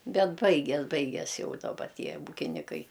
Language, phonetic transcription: Lithuanian, ˈbet ˈbaigias ˈbaigias ˈjau daˈba ˈtie ˈūkinikai

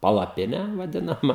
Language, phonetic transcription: Lithuanian, palaˈpinę vaˈdinama

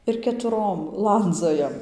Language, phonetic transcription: Lithuanian, ir ketuˈrom ˈlandzojam

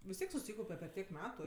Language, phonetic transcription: Lithuanian, vis ˈtiek suˈsykaupe per ˈtiek ˈmetu

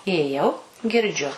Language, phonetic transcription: Lithuanian, ijėˈjau girˈdžiu

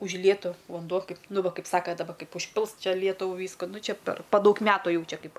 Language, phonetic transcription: Lithuanian, užˈlietu vanˈduo ˈkaip ˈnu ˈva ˈkaip ˈsaka daˈba ˈkaip užˈpils ˈčia ˈlietuvu ˈvysku nu ˈčia per pa ˈdaug ˈmetu ˈjau ˈčia ˈkaip

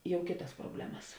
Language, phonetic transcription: Lithuanian, ˈjau ˈkėtas proˈblemas

